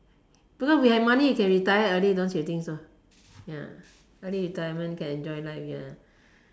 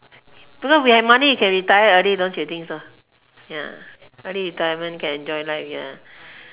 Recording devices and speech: standing microphone, telephone, conversation in separate rooms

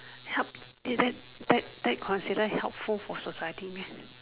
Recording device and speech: telephone, conversation in separate rooms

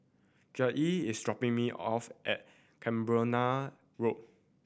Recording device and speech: boundary microphone (BM630), read sentence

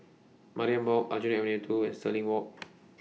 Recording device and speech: mobile phone (iPhone 6), read sentence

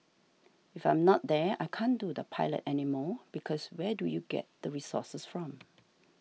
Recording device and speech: mobile phone (iPhone 6), read sentence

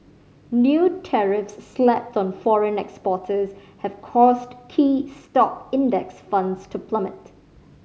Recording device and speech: mobile phone (Samsung C5010), read sentence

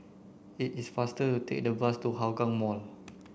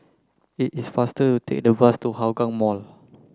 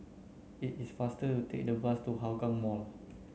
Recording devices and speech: boundary microphone (BM630), close-talking microphone (WH30), mobile phone (Samsung C9), read sentence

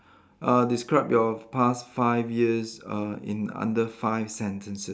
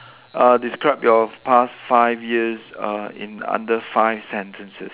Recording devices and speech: standing microphone, telephone, conversation in separate rooms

